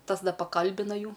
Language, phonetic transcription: Lithuanian, ˈtas ˈda paˈkalbina ˈjų

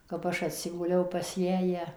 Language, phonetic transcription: Lithuanian, kap ˈaš atˈsiguliau pas ˈjąją

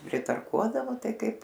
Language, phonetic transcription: Lithuanian, pritarˈkuodavo ˈtai ˈkaip

